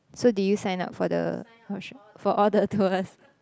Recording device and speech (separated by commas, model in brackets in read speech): close-talking microphone, conversation in the same room